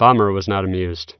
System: none